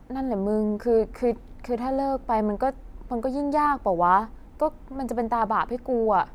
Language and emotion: Thai, frustrated